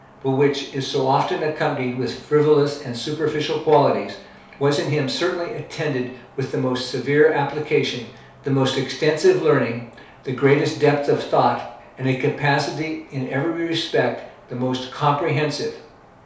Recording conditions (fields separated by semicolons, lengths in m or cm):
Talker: one person; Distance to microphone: 3.0 m; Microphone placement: far; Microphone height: 1.8 m; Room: small (3.7 m by 2.7 m); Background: none